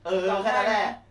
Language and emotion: Thai, frustrated